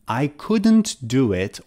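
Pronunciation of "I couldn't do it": In 'I couldn't do it', 'couldn't' is said in full with its d sound, not in the fast form with the d removed.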